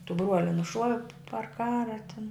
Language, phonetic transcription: Lithuanian, tu ˈbruoli nuˈšuovi par ˈkara tin

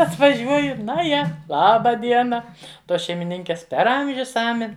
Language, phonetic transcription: Lithuanian, atvaˈžiuoju ˈna ˈje ˈlaba ˈdiena ˈtos šeimiˈninkės per ˈamžius ˈamen'

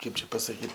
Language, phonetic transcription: Lithuanian, ˈkaip čia pasaˈkyt

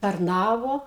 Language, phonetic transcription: Lithuanian, tarˈnavo

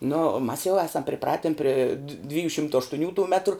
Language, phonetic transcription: Lithuanian, nu mas jau ˈesam priˈpratin pri dv ˈdvijų ˈšimto aštuˈnių tų ˈmetru

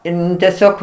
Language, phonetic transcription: Lithuanian, ˈin teˈsiog

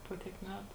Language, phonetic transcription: Lithuanian, ˈpo tiek ˈmetu

